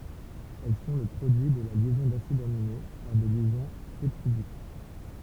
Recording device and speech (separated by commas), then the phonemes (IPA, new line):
temple vibration pickup, read sentence
ɛl sɔ̃ lə pʁodyi də la ljɛzɔ̃ dasidz amine paʁ de ljɛzɔ̃ pɛptidik